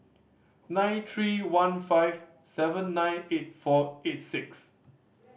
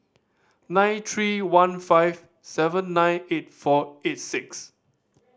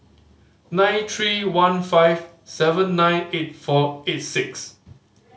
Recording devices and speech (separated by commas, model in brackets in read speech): boundary microphone (BM630), standing microphone (AKG C214), mobile phone (Samsung C5010), read sentence